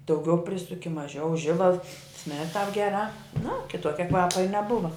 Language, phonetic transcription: Lithuanian, dauˈgiau ˈprisuki maˈžiau ˈžibals smird tāp geˈrā na kiˈtuokia ˈkvapa i neˈbuva

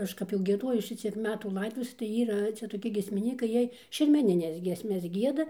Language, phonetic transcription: Lithuanian, ˈaš kap jau gieˈdojus ˈšiciek ˈmetų ˈlaidotuvėse tai ˈyra ˈcia toˈki giesmiˈnykai ˈjiej šermeˈnines ˈgiesmes ˈgieda

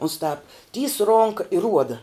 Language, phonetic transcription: Lithuanian, uns tāp tys ˈronka i ˈruoda

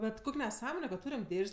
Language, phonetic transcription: Lithuanian, ˈbet ˈkuk' neˈsąmone kad ˈtūriam ˈdėž's'

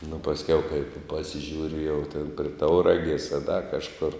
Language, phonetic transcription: Lithuanian, nu pasˈkiau kaip pasiˈžiūri jau tėn pri ˈtauragės a da kažˈkur

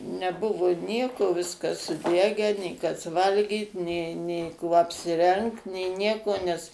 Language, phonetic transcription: Lithuanian, neˈbuvu ˈnieko ˈviskas suˈdegę nė ˈkas ˈvalgyt nė nė ˈkuo apsiˈrengt nė ˈnieko nes

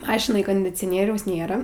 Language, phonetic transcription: Lithuanian, ˈmašinaj kondicioˈnieriaus ˈnėra

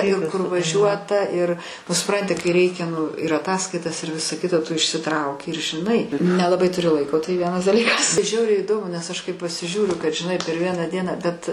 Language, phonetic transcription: Lithuanian, ir kur vaˈžiuota ir nu suˈpranti kai ˈreikia nu ir aˈtaskaitas ir ˈvisa ˈkita tu išsiˈtrauki ir žiˈnai nelaˈbai tuˈri ˈlaiko tai ˈvienas daˈlykas ˈžiauriai įˈdomu nes ˈaš kai pasiˈžiūriu kad žiˈnai per ˈvieną ˈdieną bet

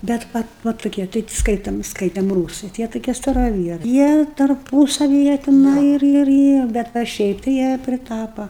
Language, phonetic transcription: Lithuanian, ˈbet ˈva ˈva tuˈkie tai ˈskaitam ˈskaitem ˈrūsɨi ti ˈjie tuˈkie staraˈvierai ˈjie tarˈpūsavi ˈjie tiˈnai ir ir ˈjie ˈbet va ˈšiaip tai ˈjie priˈtapa

